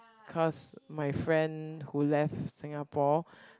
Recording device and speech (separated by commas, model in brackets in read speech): close-talking microphone, conversation in the same room